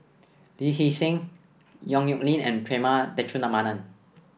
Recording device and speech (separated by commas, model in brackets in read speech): boundary microphone (BM630), read sentence